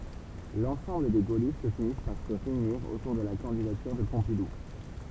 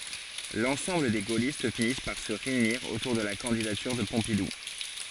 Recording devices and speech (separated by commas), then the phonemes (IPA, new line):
temple vibration pickup, forehead accelerometer, read sentence
lɑ̃sɑ̃bl de ɡolist finis paʁ sə ʁeyniʁ otuʁ də la kɑ̃didatyʁ də pɔ̃pidu